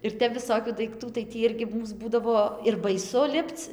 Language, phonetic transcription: Lithuanian, ir ˈtep viˈsokių daikˈtų tai ˈtį ˈirgi ˈmūs ˈbūdavo ir baiˈsu ˈlipc

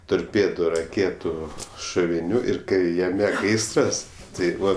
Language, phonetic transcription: Lithuanian, torˈpėdu raˈkėtu šuviˈnių ir ˈkai jaˈme ˈgaisras tai ˈbuvo

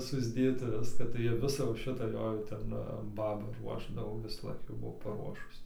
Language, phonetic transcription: Lithuanian, susˈdėt ir ˈviską tai ˈjie ˈvisa jau ˈšita ˈjo jau ˈten ˈbaba ˈruošdavo visaˈlaik jau ˈbuvo paˈruošus

